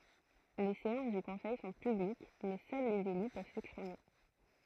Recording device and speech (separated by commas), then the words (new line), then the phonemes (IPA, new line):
throat microphone, read sentence
Les séances du conseil sont publiques mais seuls les élus peuvent s’exprimer.
le seɑ̃s dy kɔ̃sɛj sɔ̃ pyblik mɛ sœl lez ely pøv sɛkspʁime